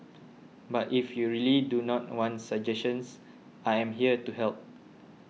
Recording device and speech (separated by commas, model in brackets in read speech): mobile phone (iPhone 6), read sentence